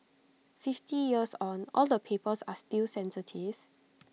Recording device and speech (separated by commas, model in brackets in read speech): mobile phone (iPhone 6), read sentence